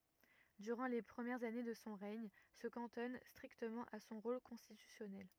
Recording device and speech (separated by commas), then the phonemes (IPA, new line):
rigid in-ear microphone, read sentence
dyʁɑ̃ le pʁəmjɛʁz ane də sɔ̃ ʁɛɲ sə kɑ̃tɔn stʁiktəmɑ̃ a sɔ̃ ʁol kɔ̃stitysjɔnɛl